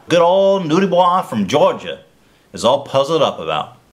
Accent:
Southern accent